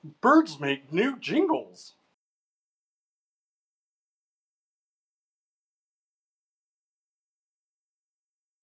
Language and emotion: English, happy